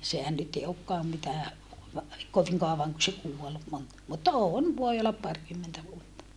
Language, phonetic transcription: Finnish, sehän nyt e okkaam mitää , koviŋ kaovaŋ ku se kuol , mon- , mutta oon voi ollap parkymmentä vuotta .
- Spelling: sehän nyt ei olekaan mitään kovin kauan kun se kuoli - mutta on voi olla parikymmentä vuotta

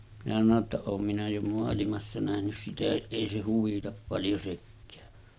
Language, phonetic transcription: Finnish, minä sano ‿tta » 'oom minä jo moalimassa nähnys 'sitähiˀ 'ˀèi se huvitap paljo sekkää « .
- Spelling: minä sanoin jotta olen minä jo maailmassa nähnyt sitäkin ei se huvita paljon sekään

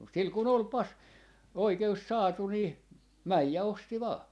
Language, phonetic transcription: Finnish, mut sil ku"n ‿ol 'pas- , 'oike₍us "saatu nii , 'mäj ja 'osti 'vaa .
- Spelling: mutta sillä kun oli - oikeus saatu niin meni ja osti vain

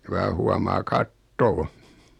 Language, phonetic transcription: Finnish, ku vaa 'huamaa "kattoo .
- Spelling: kun vain huomaa katsoa

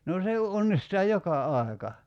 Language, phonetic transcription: Finnish, no 'se (j)o 'onnistaa "joka 'ài̬ka .
- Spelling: no se jo onnistaa joka aika

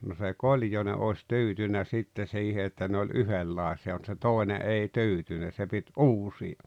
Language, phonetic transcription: Finnish, no se "Koĺjone ’òes "tyytynä sitte 'siihe että ne oĺ "yhellàesi₍a mut se 'tòene '’ei 'tyytynä se pit "’uusi₍a .
- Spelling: no se Koljonen olisi tyytynyt sitten siihen että ne oli yhdenlaisia mutta se toinen ei tyytynyt se piti uusia

